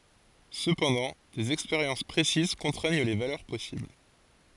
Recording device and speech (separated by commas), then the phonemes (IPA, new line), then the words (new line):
forehead accelerometer, read sentence
səpɑ̃dɑ̃ dez ɛkspeʁjɑ̃s pʁesiz kɔ̃tʁɛɲ le valœʁ pɔsibl
Cependant, des expériences précises contraignent les valeurs possibles.